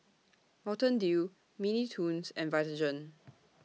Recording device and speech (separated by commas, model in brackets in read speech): mobile phone (iPhone 6), read sentence